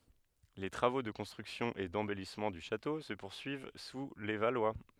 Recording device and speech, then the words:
headset microphone, read sentence
Les travaux de construction et d'embellissement du château se poursuivent sous les Valois.

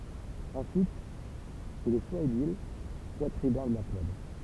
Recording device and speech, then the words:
temple vibration pickup, read sentence
Ensuite, il est soit édile, soit tribun de la plèbe.

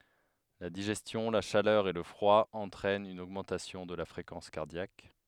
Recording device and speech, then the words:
headset microphone, read sentence
La digestion, la chaleur et le froid entraînent une augmentation de la fréquence cardiaque.

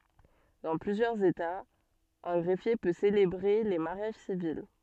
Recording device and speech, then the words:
soft in-ear microphone, read sentence
Dans plusieurs États, un greffier peut célébrer les mariages civils.

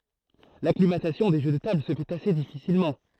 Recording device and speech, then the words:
throat microphone, read sentence
L'acclimatation des jeux de tables se fait assez difficilement.

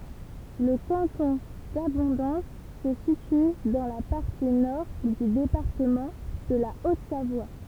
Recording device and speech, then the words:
temple vibration pickup, read sentence
Le canton d'Abondance se situe dans la partie Nord du département de la Haute-Savoie.

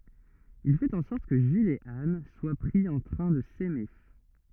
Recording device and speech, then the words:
rigid in-ear microphone, read sentence
Il fait en sorte que Gilles et Anne soient pris en train de s’aimer.

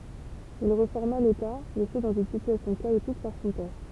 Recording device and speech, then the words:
temple vibration pickup, read sentence
Il réforma l'État laissé dans une situation chaotique par son père.

